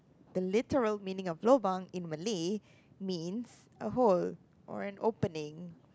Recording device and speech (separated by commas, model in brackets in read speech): close-talking microphone, conversation in the same room